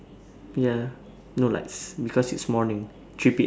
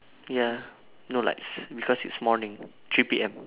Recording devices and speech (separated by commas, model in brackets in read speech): standing microphone, telephone, conversation in separate rooms